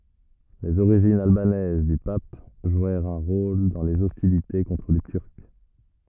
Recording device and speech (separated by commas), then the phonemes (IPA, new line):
rigid in-ear microphone, read sentence
lez oʁiʒinz albanɛz dy pap ʒwɛʁt œ̃ ʁol dɑ̃ lez ɔstilite kɔ̃tʁ le tyʁk